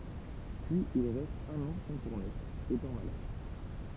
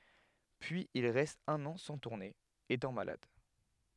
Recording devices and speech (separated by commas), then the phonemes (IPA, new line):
temple vibration pickup, headset microphone, read sentence
pyiz il ʁɛst œ̃n ɑ̃ sɑ̃ tuʁne etɑ̃ malad